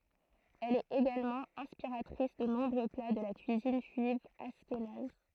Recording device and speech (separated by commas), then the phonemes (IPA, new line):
throat microphone, read sentence
ɛl ɛt eɡalmɑ̃ ɛ̃spiʁatʁis də nɔ̃bʁø pla də la kyizin ʒyiv aʃkenaz